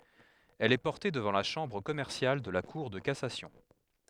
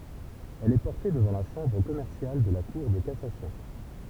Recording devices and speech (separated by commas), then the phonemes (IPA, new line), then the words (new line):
headset microphone, temple vibration pickup, read sentence
ɛl ɛ pɔʁte dəvɑ̃ la ʃɑ̃bʁ kɔmɛʁsjal də la kuʁ də kasasjɔ̃
Elle est portée devant la chambre commerciale de la cour de cassation.